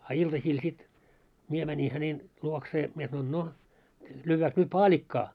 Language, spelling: Finnish, a iltasilla sitten minä menin hänen luokseen minä sanoin no lyödäänkö nyt paalikkaa
- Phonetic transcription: a 'iltasiil sit , 'mie mäńi hänen , 'luoksee , mie sanoin » 'no , 'lyyvvääks nyt "paaĺikkaa ? «

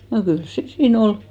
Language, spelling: Finnish, no kyllä se siinä oli
- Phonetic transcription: no 'kyls se 'sii"n ‿ol .

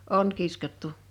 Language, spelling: Finnish, on kiskottu
- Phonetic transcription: on 'kiskottu .

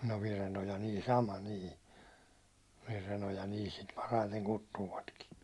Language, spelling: Finnish, no Virenoja niin sama niin Virenoja niin sitä parhaiten kutsuvatkin
- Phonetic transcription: no 'Virenoja nii "sama nii , 'Virenoja nii sit paraiteŋ 'kuttuuvatkin .

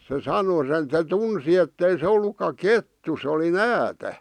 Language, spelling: Finnish, se sanoi sen se tunsi että ei se ollutkaan kettu se oli näätä
- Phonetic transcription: se "sano sen se "tunsi ettei se 'ollukka "kettu se oli "näätä , .

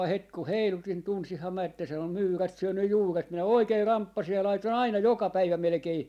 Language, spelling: Finnish, heti kun heilutin tunsinhan minä että sen on myyrät syönyt juuret minä oikein ramppasin ja laitoin aina joka päivä melkein
- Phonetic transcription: 'het ku "heilutin 'tunsiham mä että sen ‿om "myyrät 'syönny "juuret , minä "oikei "ramppasij ja "laitoi"n ‿aina "joka "päivä 'melᵉkei ,.

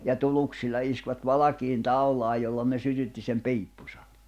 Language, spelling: Finnish, ja tuluksilla iskivät valkeaan taulaan jolla ne sytytti sen piippunsa
- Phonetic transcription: ja 'tuluksilla iskvät "valakiin "taulaaj̆ jolla ne 'sytytti sem 'piippᴜsᴀ .

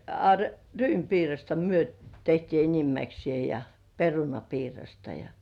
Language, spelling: Finnish, a ryynipiirasta me tehtiin enimmäksieen ja perunapiirasta ja
- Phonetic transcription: a , "ryympiirasta 'myö , tehtii enimmäksĭ§è ja , 'perunapiirasta ja ,.

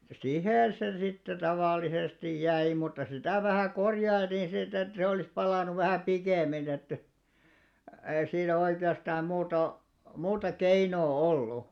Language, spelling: Finnish, siihen se sitten tavallisesti jäi mutta sitä vähän korjailtiin sitten että se olisi palanut vähän pikemmin että ei siinä oikeastaan muuta muuta keinoa ollut
- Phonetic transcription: 'sihèn̬ se sitte 'tavàllisesti 'jäi mutta 'sitä̀ vähä̀ 'korjailtiin sit ‿et se olìs 'palànuv̆ vähä̀ "pikèm̆min ‿että , ei 'siinä oike₍astaam muuta , 'muuta "keinoo "ollu .

